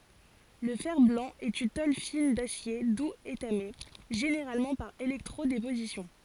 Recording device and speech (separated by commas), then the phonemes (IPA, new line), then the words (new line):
forehead accelerometer, read sentence
lə fɛʁ blɑ̃ ɛt yn tol fin dasje duz etame ʒeneʁalmɑ̃ paʁ elɛktʁo depozisjɔ̃
Le fer-blanc est une tôle fine d'acier doux étamée, généralement par électro-déposition.